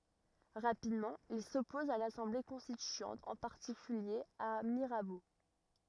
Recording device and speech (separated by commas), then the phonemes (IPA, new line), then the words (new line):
rigid in-ear microphone, read sentence
ʁapidmɑ̃ il sɔpɔz a lasɑ̃ble kɔ̃stityɑ̃t ɑ̃ paʁtikylje a miʁabo
Rapidement, il s’oppose à l’Assemblée constituante, en particulier à Mirabeau.